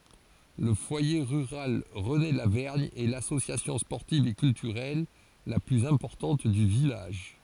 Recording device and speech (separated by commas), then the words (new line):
forehead accelerometer, read sentence
Le foyer rural René-Lavergne est l'association sportive et culturelle la plus importante du village.